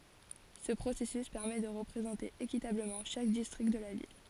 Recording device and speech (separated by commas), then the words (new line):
forehead accelerometer, read sentence
Ce processus permet de représenter équitablement chaque district de la ville.